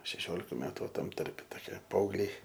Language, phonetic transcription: Lithuanian, šeˈšiolika ˈmetu ˈva ˈtam ˈtarpe toˈkie paaugˈliai

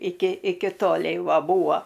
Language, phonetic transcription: Lithuanian, ˈiki ˈiki ˈtolei ˈva ˈbūa

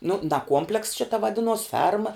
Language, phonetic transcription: Lithuanian, nu da ˈkuomplekss ˈšita vaˈdinuos ˈferma

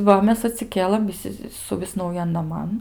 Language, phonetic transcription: Lithuanian, ˈva ˈmes atsiˈkėlɘm viˈsi suˈvis nauˈjan naˈman

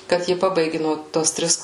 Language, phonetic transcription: Lithuanian, kad ˈji ˈpabaigi nuo ˈtos ˈtris

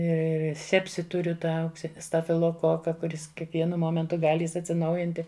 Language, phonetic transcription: Lithuanian, ir ir ir ˈsepsi ˈturiu ˈtą aukˈsini stafiloˈkoka kuˈris kiekˈvienu ˈmomentu ˈgali atsiˈnaujinti

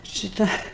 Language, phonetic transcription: Lithuanian, šiˈta

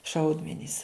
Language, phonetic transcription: Lithuanian, ˈšaudmenys

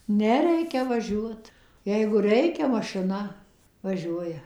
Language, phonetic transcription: Lithuanian, ˈne ˈreikia ˈvažiuot ˈjeigu ˈreikia mašiˈna vaˈžiuoja

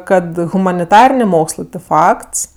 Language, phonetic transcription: Lithuanian, ˈkad humaniˈtarinė ˈmokslɜ ti ˈfakts

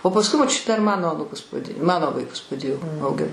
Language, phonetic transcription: Lithuanian, o pasˈkui moˈčiu dar ˈmano aˈnūkus ˈmano vaiˈkus paˈdėjo auˈgin

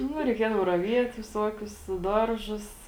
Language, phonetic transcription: Lithuanian, ˈnu reiˈkiedav raˈviet viˈsuokius ˈdarˌžus

